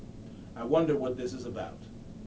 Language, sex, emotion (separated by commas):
English, male, neutral